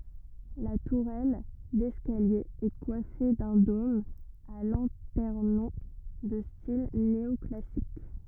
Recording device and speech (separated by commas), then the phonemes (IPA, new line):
rigid in-ear microphone, read sentence
la tuʁɛl dɛskalje ɛ kwafe dœ̃ dom a lɑ̃tɛʁnɔ̃ də stil neɔklasik